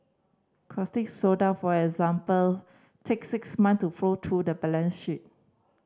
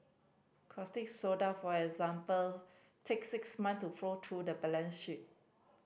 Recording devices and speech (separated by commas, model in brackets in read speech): standing microphone (AKG C214), boundary microphone (BM630), read sentence